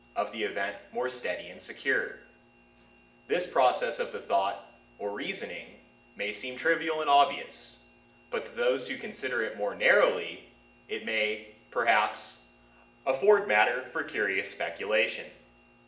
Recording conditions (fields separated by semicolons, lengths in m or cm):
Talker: one person; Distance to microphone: 1.8 m; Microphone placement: close; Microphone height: 1.0 m; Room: large; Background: none